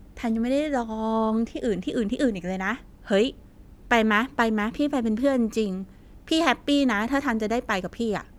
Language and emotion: Thai, happy